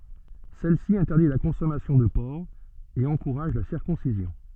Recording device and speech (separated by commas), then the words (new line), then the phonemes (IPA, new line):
soft in-ear microphone, read sentence
Celle-ci interdit la consommation de porc, et encourage la circoncision.
sɛlsi ɛ̃tɛʁdi la kɔ̃sɔmasjɔ̃ də pɔʁk e ɑ̃kuʁaʒ la siʁkɔ̃sizjɔ̃